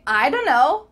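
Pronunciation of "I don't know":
'I don't know' is said in a relaxed, less clear way, and 'don't know' sounds like 'dunno'.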